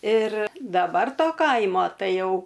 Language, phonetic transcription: Lithuanian, ir daˈbar ˈto ˈkaimo ˈtai ˈjau

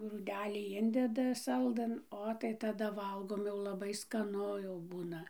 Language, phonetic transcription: Lithuanian, grūˈdelį ˈindeda ˈsaldɘn ˈo tai taˈda ˈvalgom jau laˈbai skaˈnu jau ˈbūna

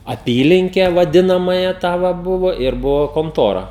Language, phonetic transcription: Lithuanian, aˈpylinke vaˈdinamąją ˈtą va ˈbuvo ir ˈbuvo konˈtora

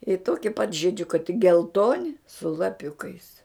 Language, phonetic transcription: Lithuanian, i ˈtoki pat žiˈdžiukai tik gelˈtoni su laˈpiukais

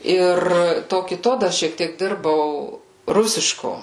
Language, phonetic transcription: Lithuanian, ˈir ˈto kiˈto ˈdar šiek ˈtiek ˈdirbau ˈrusiško

